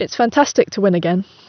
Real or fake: real